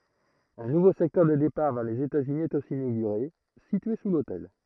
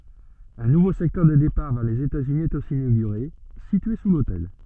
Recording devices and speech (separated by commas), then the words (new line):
throat microphone, soft in-ear microphone, read sentence
Un nouveau secteur des départs vers les États-Unis est aussi inauguré, situé sous l'hôtel.